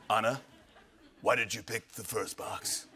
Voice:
Deep voice